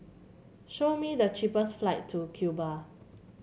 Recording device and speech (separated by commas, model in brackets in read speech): mobile phone (Samsung C7), read sentence